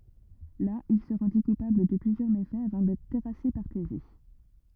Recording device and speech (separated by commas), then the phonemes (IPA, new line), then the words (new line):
rigid in-ear microphone, read sentence
la il sə ʁɑ̃di kupabl də plyzjœʁ mefɛz avɑ̃ dɛtʁ tɛʁase paʁ teze
Là, il se rendit coupable de plusieurs méfaits, avant d'être terrassé par Thésée.